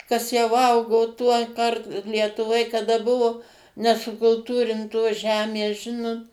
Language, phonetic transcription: Lithuanian, kas jau ˈaugo ˈtuoˌkart lietuˈvoj kaˈda ˈbuvo nesukulˈtūrintos ˈžemės ˈžinot

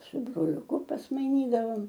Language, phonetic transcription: Lithuanian, su broliuˈku pasmaiˈnydavom

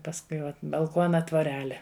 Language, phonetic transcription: Lithuanian, pasˈkui ˈvat balˈkuona tvoˈrele

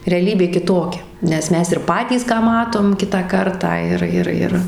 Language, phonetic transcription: Lithuanian, reaˈlybė kiˈtokia ˈnes ˈmes ir ˈpatys ˈką ˈmatom ˈkitą ˈkartą ˈir ˈir ˈir

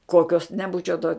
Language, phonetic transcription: Lithuanian, ˈkokios neˈbūčiau to

